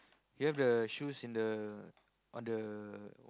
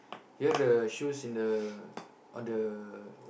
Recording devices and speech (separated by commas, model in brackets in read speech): close-talking microphone, boundary microphone, conversation in the same room